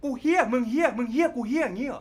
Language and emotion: Thai, angry